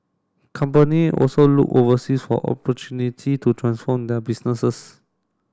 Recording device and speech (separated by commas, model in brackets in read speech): standing microphone (AKG C214), read sentence